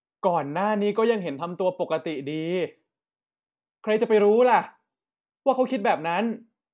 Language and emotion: Thai, frustrated